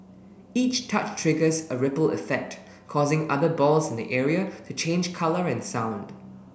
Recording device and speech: boundary microphone (BM630), read sentence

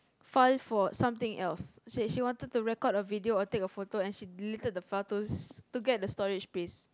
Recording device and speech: close-talking microphone, conversation in the same room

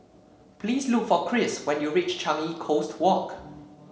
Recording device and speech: mobile phone (Samsung C7), read sentence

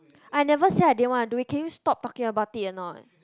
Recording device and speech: close-talking microphone, conversation in the same room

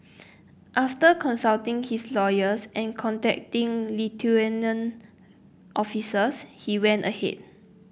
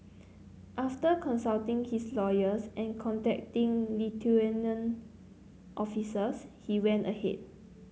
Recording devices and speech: boundary microphone (BM630), mobile phone (Samsung C9), read sentence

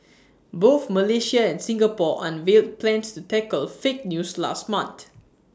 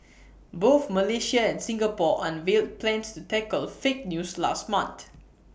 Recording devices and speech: standing microphone (AKG C214), boundary microphone (BM630), read sentence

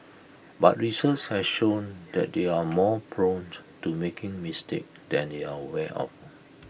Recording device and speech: boundary microphone (BM630), read sentence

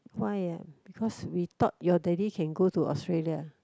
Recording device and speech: close-talking microphone, conversation in the same room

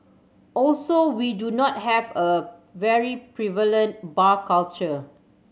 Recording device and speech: mobile phone (Samsung C7100), read sentence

